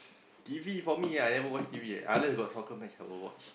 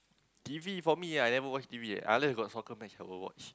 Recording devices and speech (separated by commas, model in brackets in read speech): boundary microphone, close-talking microphone, conversation in the same room